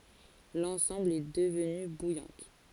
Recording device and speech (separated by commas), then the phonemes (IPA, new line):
forehead accelerometer, read sentence
lɑ̃sɑ̃bl ɛ dəvny bujɑ̃t